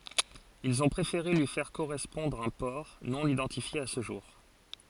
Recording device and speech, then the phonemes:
forehead accelerometer, read sentence
ilz ɔ̃ pʁefeʁe lyi fɛʁ koʁɛspɔ̃dʁ œ̃ pɔʁ nonidɑ̃tifje a sə ʒuʁ

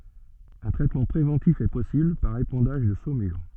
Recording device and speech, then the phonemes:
soft in-ear microphone, read sentence
œ̃ tʁɛtmɑ̃ pʁevɑ̃tif ɛ pɔsibl paʁ epɑ̃daʒ də somyʁ

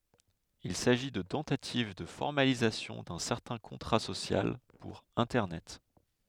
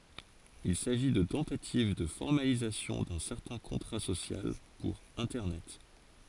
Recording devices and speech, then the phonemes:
headset microphone, forehead accelerometer, read sentence
il saʒi də tɑ̃tativ də fɔʁmalizasjɔ̃ dœ̃ sɛʁtɛ̃ kɔ̃tʁa sosjal puʁ ɛ̃tɛʁnɛt

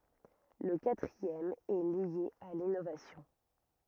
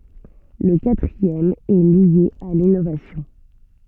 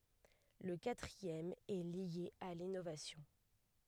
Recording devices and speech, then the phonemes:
rigid in-ear microphone, soft in-ear microphone, headset microphone, read sentence
lə katʁiɛm ɛ lje a linovasjɔ̃

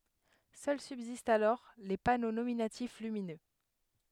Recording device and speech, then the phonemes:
headset microphone, read sentence
sœl sybzistt alɔʁ le pano nominatif lyminø

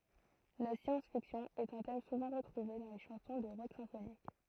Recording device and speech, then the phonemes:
throat microphone, read sentence
la sjɑ̃s fiksjɔ̃ ɛt œ̃ tɛm suvɑ̃ ʁətʁuve dɑ̃ le ʃɑ̃sɔ̃ də ʁɔk sɛ̃fonik

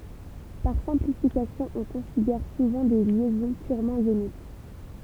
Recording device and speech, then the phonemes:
temple vibration pickup, read sentence
paʁ sɛ̃plifikasjɔ̃ ɔ̃ kɔ̃sidɛʁ suvɑ̃ de ljɛzɔ̃ pyʁmɑ̃ jonik

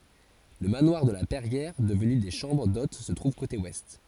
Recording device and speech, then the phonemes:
forehead accelerometer, read sentence
lə manwaʁ də la pɛʁjɛʁ dəvny de ʃɑ̃bʁ dot sə tʁuv kote wɛst

